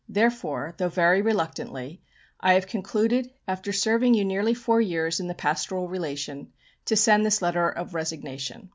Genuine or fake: genuine